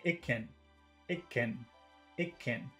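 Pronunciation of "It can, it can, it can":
'It can' is said three times in a conversational way, with the words short rather than long.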